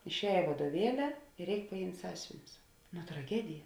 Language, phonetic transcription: Lithuanian, išˈēj vaduoˈvieli ir ˈreik paˈjimt' ˈsąsiuvinius no traˈgedija

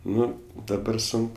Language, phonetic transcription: Lithuanian, ˈnu daˈbar ˈsunk

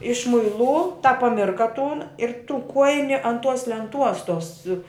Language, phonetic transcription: Lithuanian, išmuiˈlū tą paˈmirka tūn ir tų ˈkuojini an tuos lenˈtuos tuos

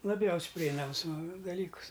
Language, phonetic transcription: Lithuanian, laˈbjaus' priˈeinams daˈlykus

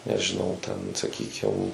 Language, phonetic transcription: Lithuanian, nežiˈnau ten saˈkykim

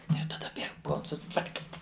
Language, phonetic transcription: Lithuanian, jau taˈda bieg ˈpuol susitvarˈkyt'

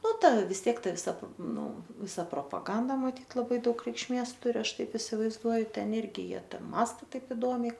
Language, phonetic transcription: Lithuanian, ˈnu ˈta vis ˈtiek ˈta viˈsa ˈnu ˈvisa propaˈganda maˈtyt laˈbai ˈdaug reikšˈmės ˈturi ˈaš ˈtaip isivaizˈduoju ˈten ˈirgi ˈjie ˈta ˈmąsta ˈtaip iˈdomiai

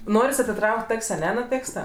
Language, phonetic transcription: Lithuanian, ˈnoris atiˈtrauk't' ˈak's' aˈne nu ˈtėksta

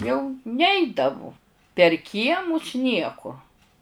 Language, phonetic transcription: Lithuanian, jau ˈneidavu per ˈkiemus ˈnieku

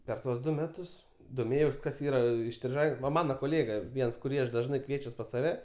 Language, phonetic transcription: Lithuanian, per ˈtuos ˈdu ˈmetus doˈmėjaus ˈkas ˈyra istriˈžai ˈva ˈmano koˈlėga ˈviens kuˈrį ˈaš ˈdažnai ˈkviečiuos pas saˈve

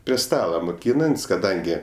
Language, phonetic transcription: Lithuanian, prie ˈstala moˈkynant's' kaˈdangi

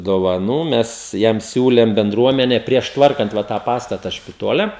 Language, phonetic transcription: Lithuanian, dovaˈnų ˈmes ˈjam ˈsiūlem benˈdruomene prieš ˈtvarkant ˈva tą ˈpastata špiˈtole

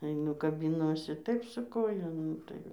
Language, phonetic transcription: Lithuanian, aiˈnu kabiˈnuosi ˈtaip su ˈkoja ˈnu tai

